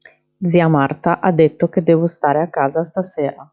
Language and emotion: Italian, neutral